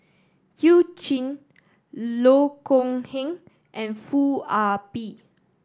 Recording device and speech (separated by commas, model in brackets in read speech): standing microphone (AKG C214), read sentence